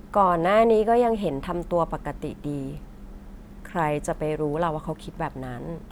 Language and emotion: Thai, neutral